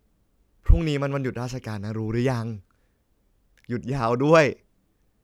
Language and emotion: Thai, happy